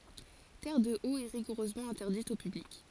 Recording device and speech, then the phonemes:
forehead accelerometer, read sentence
tɛʁədəot ɛ ʁiɡuʁøzmɑ̃ ɛ̃tɛʁdit o pyblik

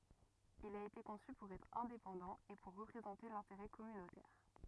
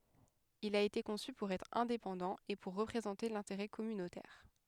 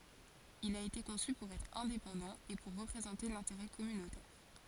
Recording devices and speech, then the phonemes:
rigid in-ear microphone, headset microphone, forehead accelerometer, read sentence
il a ete kɔ̃sy puʁ ɛtʁ ɛ̃depɑ̃dɑ̃ e puʁ ʁəpʁezɑ̃te lɛ̃teʁɛ kɔmynotɛʁ

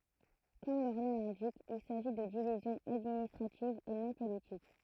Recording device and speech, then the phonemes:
throat microphone, read sentence
kɔm lœʁ nɔ̃ lɛ̃dik il saʒi də divizjɔ̃z administʁativz e nɔ̃ politik

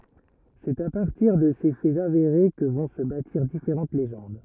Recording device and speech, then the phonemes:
rigid in-ear microphone, read sentence
sɛt a paʁtiʁ də se fɛz aveʁe kə vɔ̃ sə batiʁ difeʁɑ̃t leʒɑ̃d

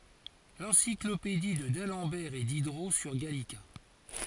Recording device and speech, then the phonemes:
forehead accelerometer, read sentence
lɑ̃siklopedi də dalɑ̃bɛʁ e didʁo syʁ ɡalika

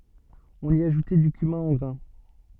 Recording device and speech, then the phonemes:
soft in-ear microphone, read sentence
ɔ̃n i aʒutɛ dy kymɛ̃ ɑ̃ ɡʁɛ̃

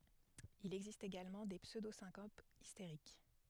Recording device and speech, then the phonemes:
headset microphone, read sentence
il ɛɡzist eɡalmɑ̃ de psødosɛ̃kopz isteʁik

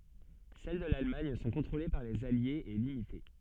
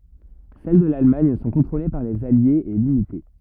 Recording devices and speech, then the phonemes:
soft in-ear microphone, rigid in-ear microphone, read sentence
sɛl də lalmaɲ sɔ̃ kɔ̃tʁole paʁ lez aljez e limite

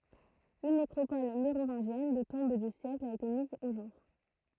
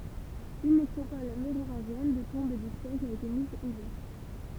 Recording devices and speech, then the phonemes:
throat microphone, temple vibration pickup, read sentence
yn nekʁopɔl meʁovɛ̃ʒjɛn də tɔ̃b dy sjɛkl a ete miz o ʒuʁ

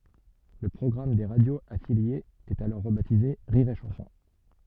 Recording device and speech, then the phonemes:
soft in-ear microphone, read sentence
lə pʁɔɡʁam de ʁadjoz afiljez ɛt alɔʁ ʁəbatize ʁiʁ e ʃɑ̃sɔ̃

